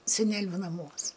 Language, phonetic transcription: Lithuanian, seˈneliu naˈmuos

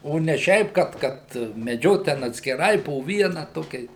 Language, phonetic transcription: Lithuanian, ˈo ne ˈšiaip ˈkad ˈkad meˈdžiot ten atskiˈrai po ˈviena ˈtokiais

